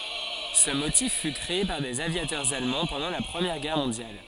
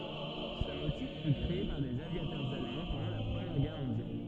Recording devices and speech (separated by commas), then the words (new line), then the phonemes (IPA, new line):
forehead accelerometer, soft in-ear microphone, read sentence
Ce motif fut créé par des aviateurs allemands pendant la Première Guerre mondiale.
sə motif fy kʁee paʁ dez avjatœʁz almɑ̃ pɑ̃dɑ̃ la pʁəmjɛʁ ɡɛʁ mɔ̃djal